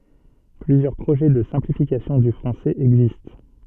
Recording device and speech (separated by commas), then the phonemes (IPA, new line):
soft in-ear microphone, read sentence
plyzjœʁ pʁoʒɛ də sɛ̃plifikasjɔ̃ dy fʁɑ̃sɛz ɛɡzist